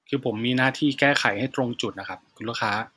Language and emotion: Thai, frustrated